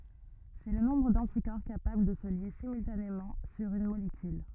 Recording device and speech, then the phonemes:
rigid in-ear microphone, read sentence
sɛ lə nɔ̃bʁ dɑ̃tikɔʁ kapabl də sə lje simyltanemɑ̃ syʁ yn molekyl

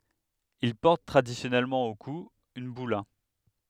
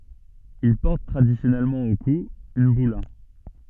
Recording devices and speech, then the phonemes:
headset microphone, soft in-ear microphone, read sentence
il pɔʁt tʁadisjɔnɛlmɑ̃ o ku yn byla

